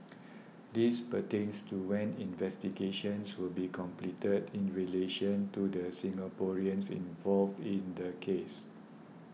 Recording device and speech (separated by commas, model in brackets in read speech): mobile phone (iPhone 6), read sentence